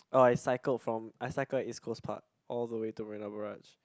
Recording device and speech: close-talking microphone, conversation in the same room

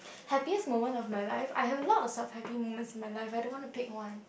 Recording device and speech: boundary microphone, conversation in the same room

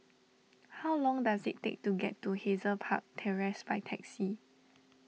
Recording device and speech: mobile phone (iPhone 6), read sentence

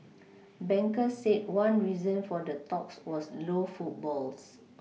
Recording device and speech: mobile phone (iPhone 6), read sentence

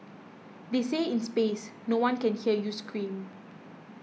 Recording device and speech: mobile phone (iPhone 6), read sentence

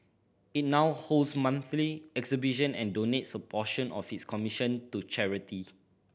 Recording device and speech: boundary microphone (BM630), read sentence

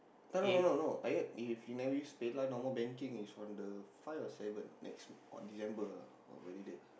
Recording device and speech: boundary microphone, conversation in the same room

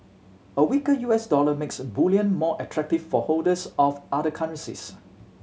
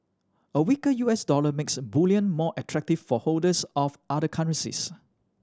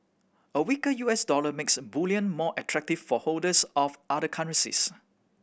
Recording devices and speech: mobile phone (Samsung C7100), standing microphone (AKG C214), boundary microphone (BM630), read sentence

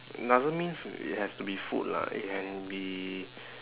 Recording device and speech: telephone, conversation in separate rooms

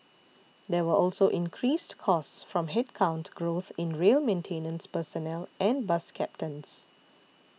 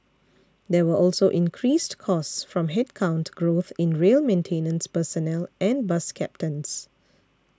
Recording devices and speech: mobile phone (iPhone 6), standing microphone (AKG C214), read sentence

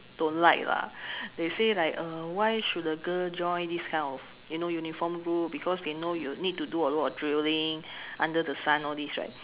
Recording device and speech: telephone, conversation in separate rooms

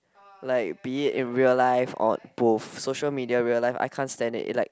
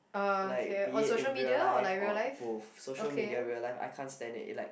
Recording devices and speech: close-talking microphone, boundary microphone, conversation in the same room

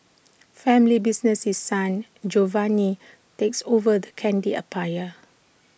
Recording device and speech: boundary microphone (BM630), read sentence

